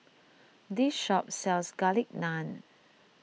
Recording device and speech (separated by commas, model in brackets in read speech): mobile phone (iPhone 6), read sentence